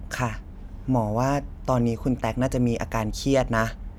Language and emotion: Thai, frustrated